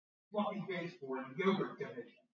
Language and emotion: English, disgusted